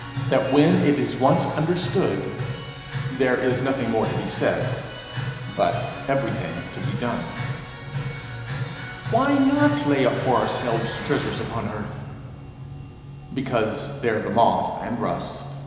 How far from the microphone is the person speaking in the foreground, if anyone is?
1.7 m.